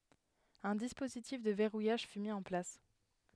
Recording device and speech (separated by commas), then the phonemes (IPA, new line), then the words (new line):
headset microphone, read sentence
œ̃ dispozitif də vɛʁujaʒ fy mi ɑ̃ plas
Un dispositif de verrouillage fut mis en place.